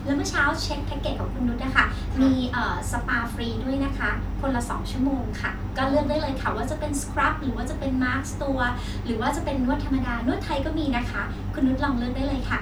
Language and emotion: Thai, happy